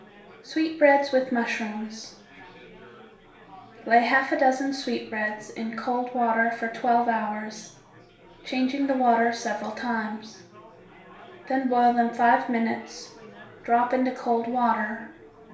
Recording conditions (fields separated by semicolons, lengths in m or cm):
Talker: one person; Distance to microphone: 1.0 m; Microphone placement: close; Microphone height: 1.1 m; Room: small (3.7 m by 2.7 m); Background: babble